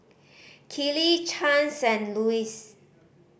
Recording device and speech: boundary microphone (BM630), read sentence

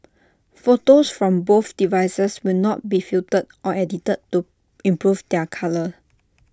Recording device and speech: standing microphone (AKG C214), read sentence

